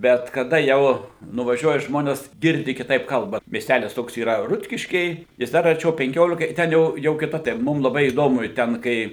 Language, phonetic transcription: Lithuanian, ˈbet kaˈda ˈjau nuvaˈžiuoja ˈžmones ˈgirdi kiˈtaip ˈkalba miesˈtælis ˈtoks yˈra ˈrutkiškiai jis ˈdar arˈčiau penˈkiolika i ˈten jau jau kiˈta tai ˈmum laˈbai įˈdomu i ˈten kai

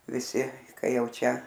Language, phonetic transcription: Lithuanian, viˈsi ˈkai ˈjau ˈčia

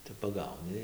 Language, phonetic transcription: Lithuanian, tai paˈgauni

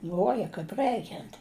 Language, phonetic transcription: Lithuanian, ˈl'uoja kaip ˈrɜikiant

